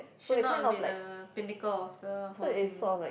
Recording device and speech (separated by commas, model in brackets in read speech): boundary microphone, conversation in the same room